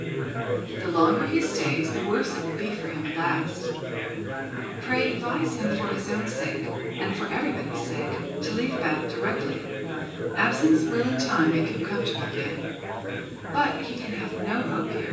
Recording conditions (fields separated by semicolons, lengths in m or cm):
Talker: one person; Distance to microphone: 9.8 m; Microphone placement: far; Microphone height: 1.8 m; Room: large; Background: babble